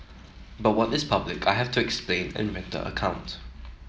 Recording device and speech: mobile phone (iPhone 7), read sentence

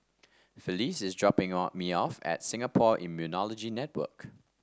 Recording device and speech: standing microphone (AKG C214), read sentence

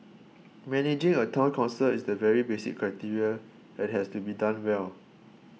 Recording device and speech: mobile phone (iPhone 6), read sentence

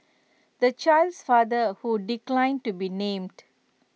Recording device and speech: mobile phone (iPhone 6), read sentence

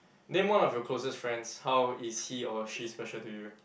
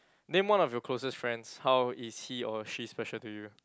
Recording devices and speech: boundary microphone, close-talking microphone, conversation in the same room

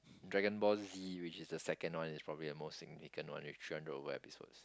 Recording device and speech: close-talking microphone, conversation in the same room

